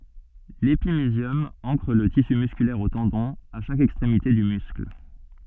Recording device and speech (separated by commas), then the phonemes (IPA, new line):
soft in-ear microphone, read sentence
lepimizjɔm ɑ̃kʁ lə tisy myskylɛʁ o tɑ̃dɔ̃z a ʃak ɛkstʁemite dy myskl